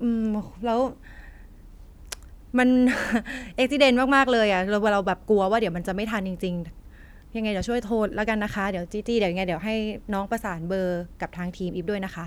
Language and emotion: Thai, frustrated